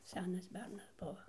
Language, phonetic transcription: Lithuanian, ˈsenas ˈbernas ˈbuva

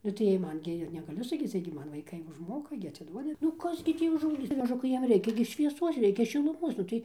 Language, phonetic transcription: Lithuanian, nu tai ˈjiej ˈman gi ir negaˈliu saˈkyc ˈjiej gi ˈman vaiˈkai užˈmoka gi aciˈduodi nu ˈkas gi ˈtį užauˈgyc maˈžukai ˈjiem ˈreikia gi švieˈsuos ˈreikia šiluˈmuos ˈnu tai

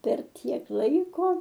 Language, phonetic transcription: Lithuanian, per ˈtiek ˈlaiko

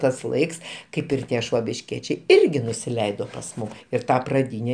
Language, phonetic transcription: Lithuanian, ˈtas ˈlaiks ˈkaip ir ˈtie švobišˈkiečiai ˈirgi nusiˈleido pas ˈmum ir ˈta praˈdyne

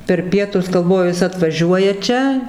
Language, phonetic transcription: Lithuanian, per ˈpietus galˈvoju ˈjis atvaˈžiuoja ˈčia

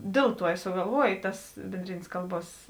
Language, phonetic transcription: Lithuanian, ˈdėl ˌtuo i sugalˈvuoj ˈtas bėnˈdrėnės ˈkalˌbuos

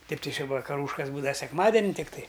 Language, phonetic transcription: Lithuanian, tai tai či vakaˈrūškas ˈbūdava sekˈmadeni tikˈtai

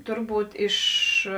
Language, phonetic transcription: Lithuanian, ˈturˌbūt iš

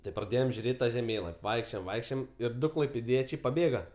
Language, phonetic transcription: Lithuanian, tai praˈdėjom žiuˈrėt' ta žeˈmėlap' ˈvaikščiojom ˈvaikščiojom ir ˈdu klaipėˈdiečiai paˈbėga

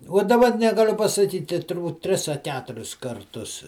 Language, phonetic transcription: Lithuanian, uo daˈba negaˈliu pasaˈkyti turˈbūt ˈtris a ˈketuris karˈtus

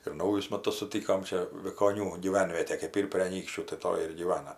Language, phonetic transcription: Lithuanian, ir ˈnaujus ˈmatus suˈtykom ˈčia vikoˈnių gyˈvenvietė kɜp ˈyr prė aˈnykščių tai ˈtoj ir gyˈvana

